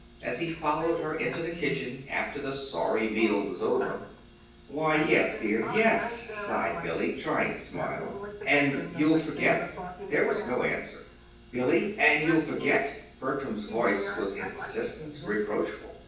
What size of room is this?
A large space.